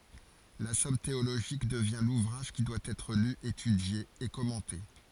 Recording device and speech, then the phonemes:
forehead accelerometer, read sentence
la sɔm teoloʒik dəvjɛ̃ luvʁaʒ ki dwa ɛtʁ ly etydje e kɔmɑ̃te

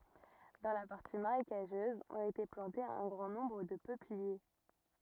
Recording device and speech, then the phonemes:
rigid in-ear microphone, read sentence
dɑ̃ la paʁti maʁekaʒøz ɔ̃t ete plɑ̃tez œ̃ ɡʁɑ̃ nɔ̃bʁ də pøplie

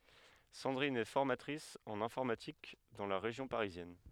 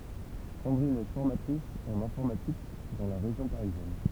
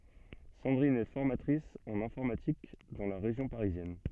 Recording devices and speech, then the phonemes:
headset microphone, temple vibration pickup, soft in-ear microphone, read sentence
sɑ̃dʁin ɛ fɔʁmatʁis ɑ̃n ɛ̃fɔʁmatik dɑ̃ la ʁeʒjɔ̃ paʁizjɛn

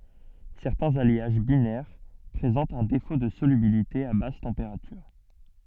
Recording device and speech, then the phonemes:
soft in-ear microphone, read sentence
sɛʁtɛ̃z aljaʒ binɛʁ pʁezɑ̃tt œ̃ defo də solybilite a bas tɑ̃peʁatyʁ

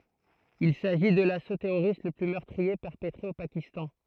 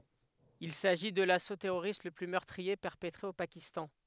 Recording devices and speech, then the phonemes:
throat microphone, headset microphone, read sentence
il saʒi də laso tɛʁoʁist lə ply mœʁtʁie pɛʁpətʁe o pakistɑ̃

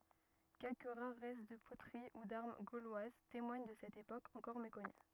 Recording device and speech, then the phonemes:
rigid in-ear microphone, read sentence
kɛlkə ʁaʁ ʁɛst də potəʁi u daʁm ɡolwaz temwaɲ də sɛt epok ɑ̃kɔʁ mekɔny

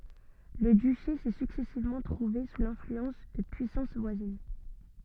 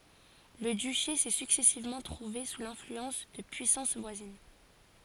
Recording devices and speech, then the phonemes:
soft in-ear microphone, forehead accelerometer, read sentence
lə dyʃe sɛ syksɛsivmɑ̃ tʁuve su lɛ̃flyɑ̃s də pyisɑ̃s vwazin

